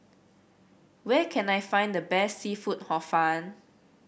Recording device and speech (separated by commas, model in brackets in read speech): boundary microphone (BM630), read sentence